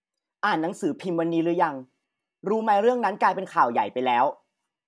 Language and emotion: Thai, neutral